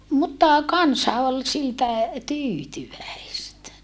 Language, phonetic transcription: Finnish, mutta , kansa ol siltä , tyytyväistä .
- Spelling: mutta kansa oli siltä tyytyväistä

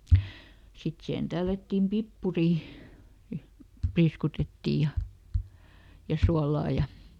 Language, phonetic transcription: Finnish, ˈsit sihen ˈtällättiim ˈpippurì , "priiskutettìj ja , ja "sualaa ja ,.
- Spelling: sitten siihen tällättiin pippuri priiskutettiin ja ja suolaa ja

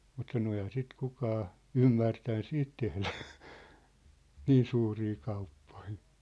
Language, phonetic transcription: Finnish, mut sano ehä sit 'kukaa , "ymmärtän "siit tehlä , "niin 'suurii kauppᴏɪ .
- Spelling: mutta sanoi eihän sitten kukaan ymmärtänyt sitten tehdä niin suuria kauppoja

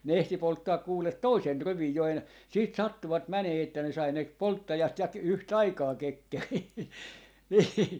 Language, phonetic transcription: Finnish, ne ehti 'polttaak 'kuulet "toisen "rivij 'jo en- , 'siit "sattuvat 'mänee että ne sai ne , "polttajat ja ‿k- , yh"t ‿aikaa 'kekkerii nii .
- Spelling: ne ehti polttaa kuule toisen rivin jo - sitten sattuivat menemään että ne sai ne polttajat ja - yhtä aikaa kekkeriin niin

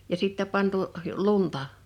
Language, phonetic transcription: Finnish, ja sittä 'pantu’ , "lunta .
- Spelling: ja sitten pantu lunta

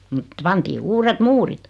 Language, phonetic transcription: Finnish, mᵘt , 'pantii 'uuret "muurit .
- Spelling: mutta pantiin uudet muurit

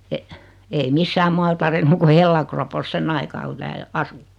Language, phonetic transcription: Finnish, e- , ei 'missää(m) 'mual tarennu ku 'hellakropos 'senn ‿aikaa ku 'tääl , "asu .
- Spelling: - ei missään muualla tarjennut kuin hellakropossa sen aikaa kun täällä asui

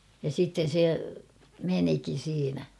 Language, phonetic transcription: Finnish, ja 'sitten̬ se , 'menikin̬ siinä .
- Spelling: ja sitten se menikin siinä

